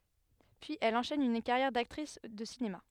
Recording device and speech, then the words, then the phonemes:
headset microphone, read sentence
Puis elle enchaîne une carrière d'actrice de cinéma.
pyiz ɛl ɑ̃ʃɛn yn kaʁjɛʁ daktʁis də sinema

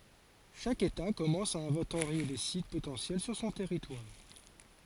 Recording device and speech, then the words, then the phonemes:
forehead accelerometer, read sentence
Chaque État commence à inventorier les sites potentiels sur son territoire.
ʃak eta kɔmɑ̃s a ɛ̃vɑ̃toʁje le sit potɑ̃sjɛl syʁ sɔ̃ tɛʁitwaʁ

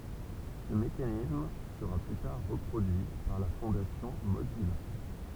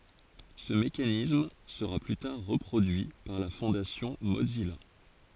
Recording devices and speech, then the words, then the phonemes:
temple vibration pickup, forehead accelerometer, read sentence
Ce mécanisme sera plus tard reproduit par la fondation Mozilla.
sə mekanism səʁa ply taʁ ʁəpʁodyi paʁ la fɔ̃dasjɔ̃ mozija

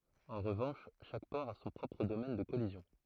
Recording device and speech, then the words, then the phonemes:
throat microphone, read sentence
En revanche, chaque port a son propre domaine de collision.
ɑ̃ ʁəvɑ̃ʃ ʃak pɔʁ a sɔ̃ pʁɔpʁ domɛn də kɔlizjɔ̃

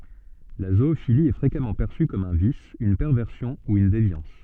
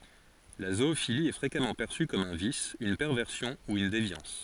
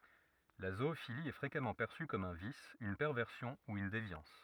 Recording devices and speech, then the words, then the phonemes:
soft in-ear microphone, forehead accelerometer, rigid in-ear microphone, read sentence
La zoophilie est fréquemment perçue comme un vice, une perversion ou une déviance.
la zoofili ɛ fʁekamɑ̃ pɛʁsy kɔm œ̃ vis yn pɛʁvɛʁsjɔ̃ u yn devjɑ̃s

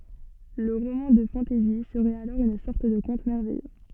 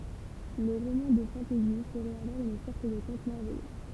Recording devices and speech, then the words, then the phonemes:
soft in-ear microphone, temple vibration pickup, read sentence
Le roman de fantasy serait alors une sorte de conte merveilleux.
lə ʁomɑ̃ də fɑ̃tɛzi səʁɛt alɔʁ yn sɔʁt də kɔ̃t mɛʁvɛjø

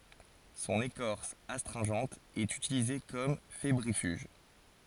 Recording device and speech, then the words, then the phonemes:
forehead accelerometer, read sentence
Son écorce astringente est utilisée comme fébrifuge.
sɔ̃n ekɔʁs astʁɛ̃ʒɑ̃t ɛt ytilize kɔm febʁifyʒ

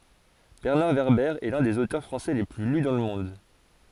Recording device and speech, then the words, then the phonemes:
forehead accelerometer, read sentence
Bernard Werber est l'un des auteurs français les plus lus dans le monde.
bɛʁnaʁ vɛʁbɛʁ ɛ lœ̃ dez otœʁ fʁɑ̃sɛ le ply ly dɑ̃ lə mɔ̃d

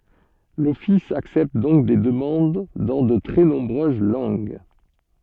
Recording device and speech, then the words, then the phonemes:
soft in-ear microphone, read sentence
L'office accepte donc des demandes dans de très nombreuses langues.
lɔfis aksɛpt dɔ̃k de dəmɑ̃d dɑ̃ də tʁɛ nɔ̃bʁøz lɑ̃ɡ

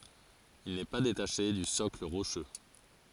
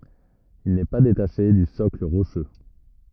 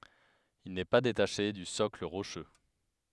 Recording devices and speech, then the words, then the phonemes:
forehead accelerometer, rigid in-ear microphone, headset microphone, read sentence
Il n’est pas détaché du socle rocheux.
il nɛ pa detaʃe dy sɔkl ʁoʃø

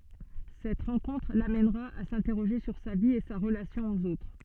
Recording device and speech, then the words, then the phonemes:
soft in-ear microphone, read sentence
Cette rencontre l’amènera à s’interroger sur sa vie et sa relation aux autres.
sɛt ʁɑ̃kɔ̃tʁ lamɛnʁa a sɛ̃tɛʁoʒe syʁ sa vi e sa ʁəlasjɔ̃ oz otʁ

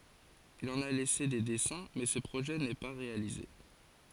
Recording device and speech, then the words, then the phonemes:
forehead accelerometer, read sentence
Il en a laissé des dessins mais ce projet n'est pas réalisé.
il ɑ̃n a lɛse de dɛsɛ̃ mɛ sə pʁoʒɛ nɛ pa ʁealize

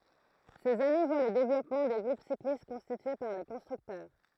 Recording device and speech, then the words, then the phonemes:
throat microphone, read sentence
Ces années voient le développement des groupes cyclistes constitués par les constructeurs.
sez ane vwa lə devlɔpmɑ̃ de ɡʁup siklist kɔ̃stitye paʁ le kɔ̃stʁyktœʁ

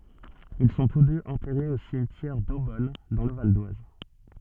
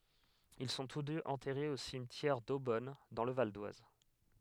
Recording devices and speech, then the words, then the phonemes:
soft in-ear microphone, headset microphone, read sentence
Ils sont tous deux enterrés au cimetière d'Eaubonne, dans le Val-d'Oise.
il sɔ̃ tus døz ɑ̃tɛʁez o simtjɛʁ dobɔn dɑ̃ lə valdwaz

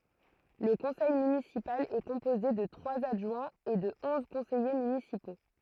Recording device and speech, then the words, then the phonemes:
throat microphone, read sentence
Le conseil municipal est composé de trois adjoints et de onze conseillers municipaux.
lə kɔ̃sɛj mynisipal ɛ kɔ̃poze də tʁwaz adʒwɛ̃z e də ɔ̃z kɔ̃sɛje mynisipo

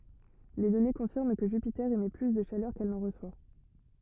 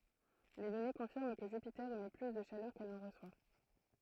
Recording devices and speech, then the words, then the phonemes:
rigid in-ear microphone, throat microphone, read sentence
Les données confirment que Jupiter émet plus de chaleur qu'elle n'en reçoit.
le dɔne kɔ̃fiʁm kə ʒypite emɛ ply də ʃalœʁ kɛl nɑ̃ ʁəswa

